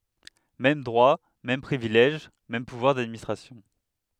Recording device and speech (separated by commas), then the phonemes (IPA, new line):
headset microphone, read sentence
mɛm dʁwa mɛm pʁivilɛʒ mɛm puvwaʁ dadministʁasjɔ̃